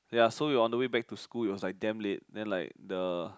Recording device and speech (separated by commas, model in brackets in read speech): close-talking microphone, conversation in the same room